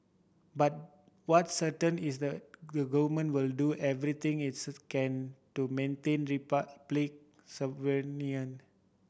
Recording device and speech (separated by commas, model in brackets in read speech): boundary microphone (BM630), read sentence